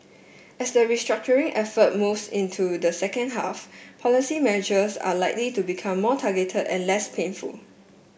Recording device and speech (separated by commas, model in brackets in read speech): boundary microphone (BM630), read sentence